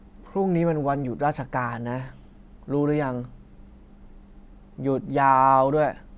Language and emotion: Thai, frustrated